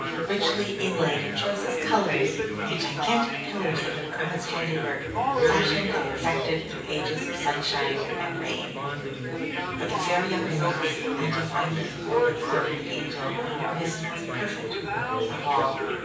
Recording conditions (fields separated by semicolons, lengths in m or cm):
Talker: one person; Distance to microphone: 9.8 m; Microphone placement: far; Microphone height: 1.8 m; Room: large; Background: babble